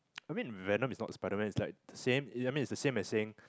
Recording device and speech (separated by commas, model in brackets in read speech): close-talking microphone, conversation in the same room